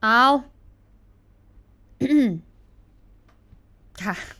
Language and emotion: Thai, frustrated